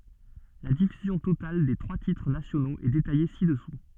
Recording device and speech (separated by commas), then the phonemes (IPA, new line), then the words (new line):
soft in-ear microphone, read sentence
la difyzjɔ̃ total de tʁwa titʁ nasjonoz ɛ detaje sidɛsu
La diffusion totale des trois titres nationaux est détaillée ci-dessous.